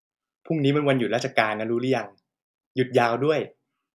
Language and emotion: Thai, happy